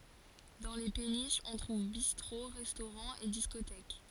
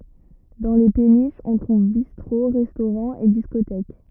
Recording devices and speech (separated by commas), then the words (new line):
forehead accelerometer, rigid in-ear microphone, read sentence
Dans les péniches, on trouve bistrots, restaurants et discothèques.